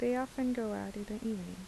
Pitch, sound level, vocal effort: 215 Hz, 78 dB SPL, soft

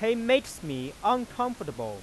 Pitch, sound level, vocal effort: 220 Hz, 97 dB SPL, loud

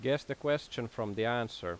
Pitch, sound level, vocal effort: 120 Hz, 87 dB SPL, loud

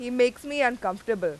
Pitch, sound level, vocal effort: 245 Hz, 94 dB SPL, very loud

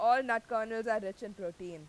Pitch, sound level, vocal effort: 220 Hz, 96 dB SPL, very loud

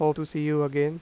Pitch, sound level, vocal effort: 150 Hz, 89 dB SPL, normal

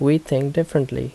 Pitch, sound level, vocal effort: 145 Hz, 77 dB SPL, normal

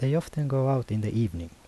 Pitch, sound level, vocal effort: 115 Hz, 79 dB SPL, soft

